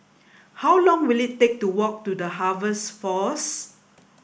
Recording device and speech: boundary microphone (BM630), read sentence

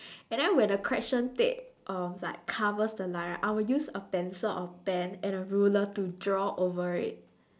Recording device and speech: standing microphone, conversation in separate rooms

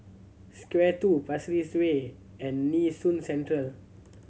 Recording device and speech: mobile phone (Samsung C7100), read sentence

